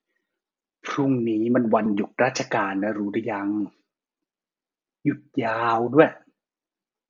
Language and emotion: Thai, frustrated